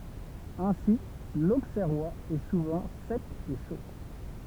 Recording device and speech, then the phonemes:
temple vibration pickup, read sentence
ɛ̃si loksɛʁwaz ɛ suvɑ̃ sɛk e ʃo

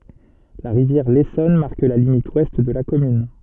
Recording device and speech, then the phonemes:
soft in-ear microphone, read sentence
la ʁivjɛʁ lesɔn maʁk la limit wɛst də la kɔmyn

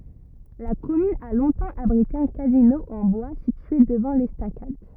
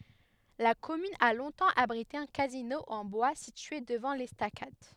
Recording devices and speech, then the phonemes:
rigid in-ear microphone, headset microphone, read sentence
la kɔmyn a lɔ̃tɑ̃ abʁite œ̃ kazino ɑ̃ bwa sitye dəvɑ̃ lɛstakad

